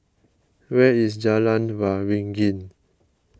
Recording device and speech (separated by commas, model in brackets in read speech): close-talking microphone (WH20), read sentence